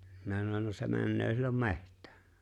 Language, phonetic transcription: Finnish, 'minä sanoń » no se männöö sillom "me̬ht̀ᴀ̈ᴀ̈ « .
- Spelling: minä sanoin no se menee silloin metsään

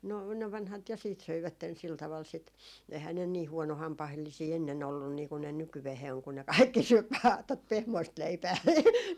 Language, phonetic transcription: Finnish, no ne 'vanhat ja siit 'söivätten sil taval sit , ehää ne "nii 'huɔnohampahellisii 'ennen ‿ollun niiku ne 'nykyvehee oŋ ku ne "kaikki 'syöp vaa tot "pehmoist 'leipää .
- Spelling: no ne vanhat ja sitten söivät sillä tavalla sitä eihän ne niin huonohampaallisia ennen ollut niin kun ne nykyään on kun ne kaikki syö vain tuota pehmoista leipää

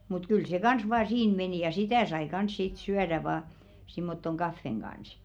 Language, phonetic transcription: Finnish, mut kyl 'se "kans vaa 'siin menì ja "sitä̀ sai 'kans 'sit "syäðä vaa , simmottoŋ "ɢaffeŋ ɢans .
- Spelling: mutta kyllä se kanssa vain siinä meni ja sitä sai kanssa sitten syödä vain semmottoon kahvin kanssa

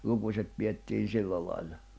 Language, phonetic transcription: Finnish, 'lukuśet piʲettiin̬ 'sillä lail̜l̜a .
- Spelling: lukuset pidettiin sillä lailla

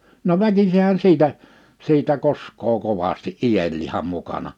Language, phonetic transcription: Finnish, no "väkisehän 'siitä , 'siitä 'kosk̆koo 'kovasti "’ijelliham 'mukana .
- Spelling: no väkisinhän siitä siitä koskee kovasti ienlihan mukana

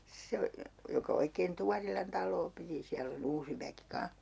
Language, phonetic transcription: Finnish, 'se o , joka 'oikeen 'Tuarilan 'tal̆loo piti 'siäll ‿o"n ‿uusi väki 'kaa̰h .
- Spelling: se on joka oikein Tuorilan taloa piti siellä on uusi väki kanssa

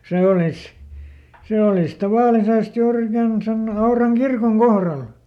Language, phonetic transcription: Finnish, "sè olis , ˈsè olis ˈtavàlisest "juur ‿ikän sen ˈAuraŋ ˈkirkoŋ "kohral .
- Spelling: se olisi se olisi tavallisesti juuri ikään sen Auran kirkon kohdalla

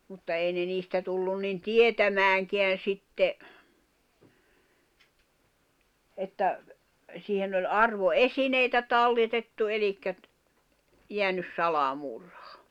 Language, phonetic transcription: Finnish, mutta èi ne niistä tullun nin "tietämääŋkeän̬ 'sitte , että , siihen ‿oĺ 'arvo"esineitä 'talletettu elikkä ‿t- , jeänys 'sala'murhᴀ .
- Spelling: mutta ei ne niistä tullut niin tietämäänkään sitten että siihen oli arvoesineitä talletettu eli - jäänyt salamurha

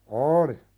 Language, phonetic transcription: Finnish, ooli .
- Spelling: oli

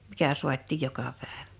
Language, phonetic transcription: Finnish, 'mikä suat̆tìj 'joka 'pä̀eᴠᴀ̈ .
- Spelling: mikä saatiin joka päivä

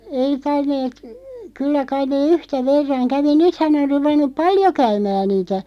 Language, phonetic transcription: Finnish, 'ei 'tainneet , 'kyllä 'kaiⁿ nee "yhtä 'verraŋ "kävi "nythä ne (or) 'ruvennup "paljo 'käymää 'niitä .
- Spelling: ei tainneet kyllä kai ne yhtä verran kävi nythän ne on ruvennut paljon käymään niitä

